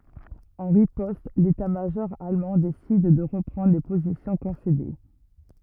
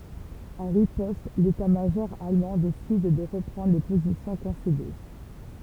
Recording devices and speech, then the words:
rigid in-ear microphone, temple vibration pickup, read sentence
En riposte, l'état-major allemand décide de reprendre les positions concédées.

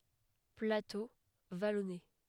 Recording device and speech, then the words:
headset microphone, read sentence
Plateau vallonné.

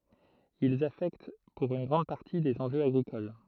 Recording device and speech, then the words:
throat microphone, read sentence
Ils affectent pour une grande partie des enjeux agricoles.

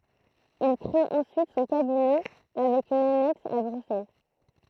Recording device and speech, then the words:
throat microphone, read sentence
Il créé ensuite son cabinet avec une annexe à Bruxelles.

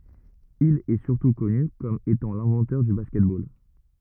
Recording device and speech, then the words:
rigid in-ear microphone, read sentence
Il est surtout connu comme étant l'inventeur du basket-ball.

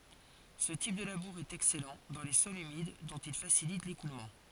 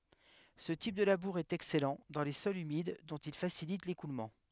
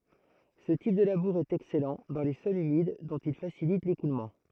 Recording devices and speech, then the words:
forehead accelerometer, headset microphone, throat microphone, read sentence
Ce type de labour est excellent dans les sols humides, dont il facilite l'écoulement.

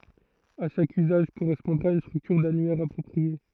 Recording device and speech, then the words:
throat microphone, read sentence
À chaque usage correspondra une structure d'annuaire appropriée.

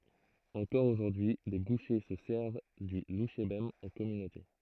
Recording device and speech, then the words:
throat microphone, read sentence
Encore aujourd'hui les bouchers se servent du louchébem en communauté.

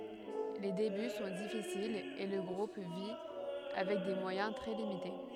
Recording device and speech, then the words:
headset microphone, read sentence
Les débuts sont difficiles, et le groupe vit avec des moyens très limités.

